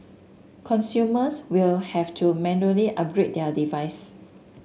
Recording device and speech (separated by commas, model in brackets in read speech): mobile phone (Samsung S8), read sentence